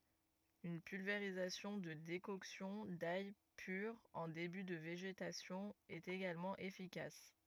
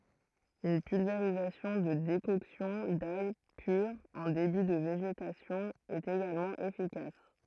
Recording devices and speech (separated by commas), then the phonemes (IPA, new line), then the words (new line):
rigid in-ear microphone, throat microphone, read sentence
yn pylveʁizasjɔ̃ də dekɔksjɔ̃ daj pyʁ ɑ̃ deby də veʒetasjɔ̃ ɛt eɡalmɑ̃ efikas
Une pulvérisation de décoction d'ail pure en début de végétation est également efficace.